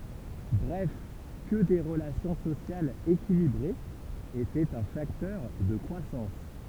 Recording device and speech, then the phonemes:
temple vibration pickup, read sentence
bʁɛf kə de ʁəlasjɔ̃ sosjalz ekilibʁez etɛt œ̃ faktœʁ də kʁwasɑ̃s

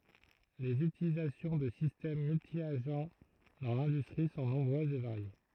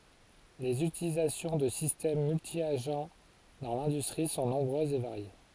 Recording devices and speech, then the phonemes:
throat microphone, forehead accelerometer, read sentence
lez ytilizasjɔ̃ də sistɛm myltjaʒ dɑ̃ lɛ̃dystʁi sɔ̃ nɔ̃bʁøzz e vaʁje

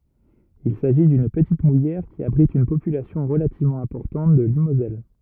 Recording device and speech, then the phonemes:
rigid in-ear microphone, read sentence
il saʒi dyn pətit mujɛʁ ki abʁit yn popylasjɔ̃ ʁəlativmɑ̃ ɛ̃pɔʁtɑ̃t də limozɛl

